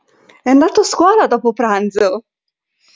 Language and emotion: Italian, happy